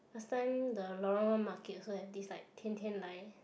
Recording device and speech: boundary microphone, conversation in the same room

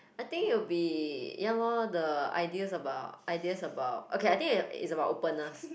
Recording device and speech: boundary microphone, conversation in the same room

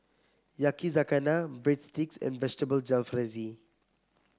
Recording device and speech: close-talking microphone (WH30), read sentence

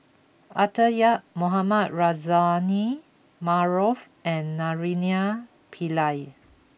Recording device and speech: boundary microphone (BM630), read sentence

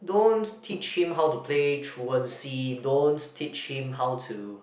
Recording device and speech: boundary microphone, conversation in the same room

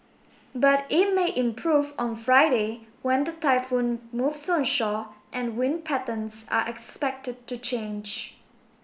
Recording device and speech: boundary microphone (BM630), read sentence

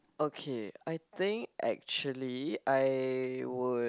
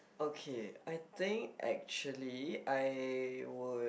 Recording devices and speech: close-talking microphone, boundary microphone, conversation in the same room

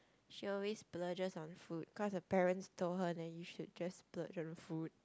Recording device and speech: close-talking microphone, conversation in the same room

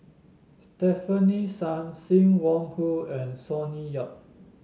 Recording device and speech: mobile phone (Samsung S8), read sentence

